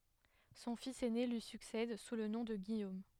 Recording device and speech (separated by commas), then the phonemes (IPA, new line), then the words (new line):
headset microphone, read sentence
sɔ̃ fis ɛne lyi syksɛd su lə nɔ̃ də ɡijom
Son fils aîné lui succède sous le nom de Guillaume.